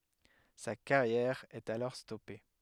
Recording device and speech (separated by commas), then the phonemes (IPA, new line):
headset microphone, read sentence
sa kaʁjɛʁ ɛt alɔʁ stɔpe